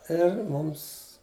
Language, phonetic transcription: Lithuanian, ˈir ˈmums

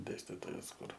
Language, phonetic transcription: Lithuanian, ˈdėstitojas ˈkur

